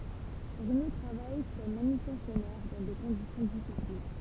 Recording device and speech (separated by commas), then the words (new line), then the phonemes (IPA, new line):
temple vibration pickup, read sentence
Bruno travaille comme manutentionnaire dans des conditions difficiles.
bʁyno tʁavaj kɔm manytɑ̃sjɔnɛʁ dɑ̃ de kɔ̃disjɔ̃ difisil